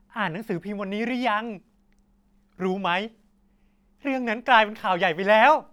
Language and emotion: Thai, happy